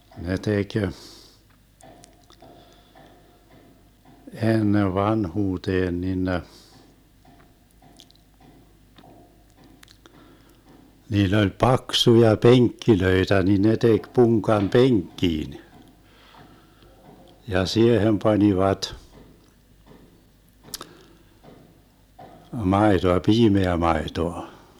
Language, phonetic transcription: Finnish, ne 'tek , 'ennev "vanhuuteen nin ne , 'niill ‿oĺ "paksuja "peŋkkilöitä ni ne 'tek 'puŋkam "peŋkkiin , ja "siehem 'pańivat , 'maetoa , 'piimeä 'maetoa .
- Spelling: ne teki ennen vanhuuteen niin ne niillä oli paksuja penkkejä niin ne teki punkan penkkiin ja siihen panivat maitoa piimää maitoa

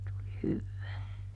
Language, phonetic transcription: Finnish, tuli ˈhyvvää .
- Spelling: tuli hyvää

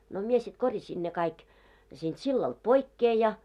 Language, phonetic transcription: Finnish, no 'mie sit 'korjaśin ne kaik , siinᴅ 'sillalᴅ "poikkee ja .
- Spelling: no minä sitten korjasin ne kaikki siitä sillalta pois ja

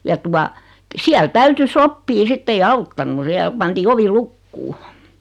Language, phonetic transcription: Finnish, ja tua , 'siäl "täytyy "soppii 'sitt ‿ei "auttannu 'siäl pantii 'ovi "lukkuu .
- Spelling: ja tuota siellä täytyy sopia sitten ei auttanut siellä pantiin ovi lukkoon

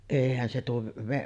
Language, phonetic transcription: Finnish, 'èihän se tuo v- ,.
- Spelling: eihän se tuo -

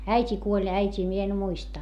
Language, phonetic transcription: Finnish, äit́i kuoĺ - äit́ii mie en muista .
- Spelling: äiti kuoli äitiä minä en muista

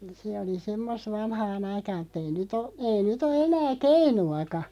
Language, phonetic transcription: Finnish, se oli 'semmosᵗ 'vanhaa'n ‿aikaa(m mu)'t ‿ei nyt ‿o , 'ei nyt ‿o 'enää "keinu₍aka .
- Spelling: se oli semmoista vanhaan aikaan mutta ei nyt ole ei nyt ole enää keinuakaan

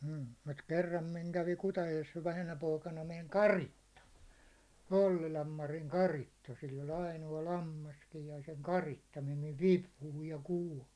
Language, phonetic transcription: Finnish, m̥ mut 'kerram miŋ kävi Kutajojes vähänä poikana meŋ "karitta , 'Ollilam Mariŋ "karitta , sill ‿oĺ aino₍a 'lammaskij ja seŋ 'karitta mem miv "vipuhuij ja 'kuål .
- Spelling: mm mutta kerran minä kävin Kutajoessa vähänä poikana meni karitsa Ollilan Marin karitsa sillä oli ainoa lammaskin ja sen karitsa meni minun vipuun ja kuoli

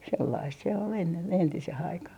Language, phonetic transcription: Finnish, 'sellaist se ol ennen 'entise'h ‿aikah .
- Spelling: sellaista se oli ennen entiseen aikaan

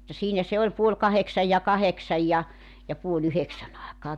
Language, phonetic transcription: Finnish, mutta 'siinä se oĺ 'puoĺ 'kaheksaj ja 'kaheksaj ja , ja puo''l ‿yheksän ‿àekaa .
- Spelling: mutta siinä se oli puoli kahdeksan ja kahdeksan ja ja puoli yhdeksän aikaan

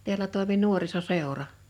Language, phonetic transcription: Finnish, 'teälä tòimi "nuoriso'sèora .
- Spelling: täällä toimi nuorisoseura

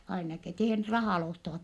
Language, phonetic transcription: Finnish, ainaki , ette(ihän) rahàl ostavat .
- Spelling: ainakin että ihan rahalla ostavat

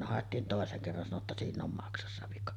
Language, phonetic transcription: Finnish, no 'hàettiin tòeseŋ kerran , sano ‿tta 'siinⁿ ‿om 'maksassa vika .
- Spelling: no haettiin toisen kerran sanoi jotta siinä on maksassa vika

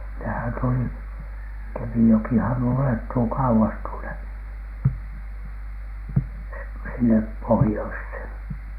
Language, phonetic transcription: Finnish, nehän tuli , 'Kemijokihan ulettuu kauwas tuone , sinnep "pohⁱjoishèn .
- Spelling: nehän tuli Kemijokihan ulottuu kauas tuonne sinne pohjoiseen

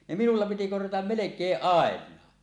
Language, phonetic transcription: Finnish, 'ne 'minulla piti korjatam "melek̀eeˀ "ˀàeǹaa .
- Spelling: ne minulla piti korjata melkein ainakin

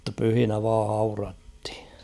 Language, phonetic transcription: Finnish, [mut]ta 'pyhinä vaa 'haurathɪ .
- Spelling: mutta pyhinä vain haudattiin

